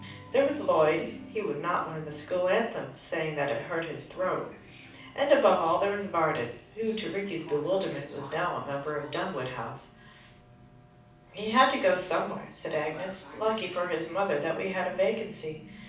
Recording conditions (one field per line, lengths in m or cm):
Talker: one person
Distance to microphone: 5.8 m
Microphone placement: far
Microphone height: 1.8 m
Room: medium-sized (5.7 m by 4.0 m)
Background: television